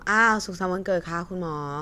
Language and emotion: Thai, neutral